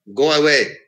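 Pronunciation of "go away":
'Go away' is said as a command in an angry tone, and the voice ends in a sharp fall.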